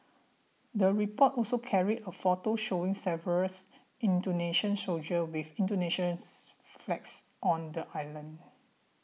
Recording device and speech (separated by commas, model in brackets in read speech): mobile phone (iPhone 6), read sentence